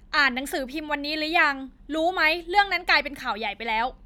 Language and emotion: Thai, frustrated